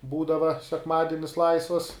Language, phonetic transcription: Lithuanian, ˈbūdava sekˈmadinis ˈlaisvas

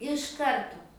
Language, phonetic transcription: Lithuanian, iš ˈkarto

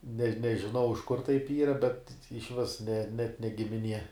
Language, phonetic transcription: Lithuanian, ne nežiˈnau iš kur taip ˈyra bet išˈvis ne net ne gimiˈnie

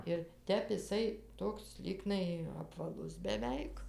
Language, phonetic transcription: Lithuanian, ir ˈtep iˈsai ˈtoks ˈlygnai apvaˈlus beˈveik

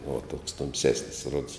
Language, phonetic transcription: Lithuanian, uo toks tumˈsesnis rods

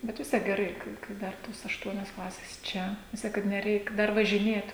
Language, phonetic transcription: Lithuanian, ˈbet vis ˈtiek geˈrai kai kai ˈdar tos ašˈtuonios ˈklasės ˈčia vis ˈtiek kad neˈreik ˈdar važiˈnėt

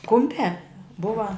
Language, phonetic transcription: Lithuanian, ˈkumpiā ˈbuva

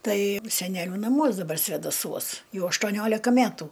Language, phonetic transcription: Lithuanian, ˈtai seˈneliu naˈmuos daˈbar svedaˈsuos ˈjau aštuoˈniolika ˈmætu

